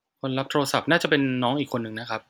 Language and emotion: Thai, neutral